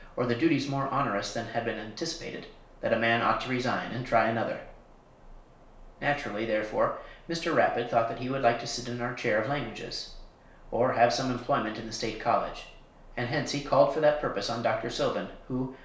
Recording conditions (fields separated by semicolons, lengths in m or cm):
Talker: one person; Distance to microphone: 1.0 m; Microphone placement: close; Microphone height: 1.1 m; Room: small (3.7 m by 2.7 m); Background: none